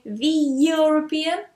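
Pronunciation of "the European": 'The European' is pronounced incorrectly here.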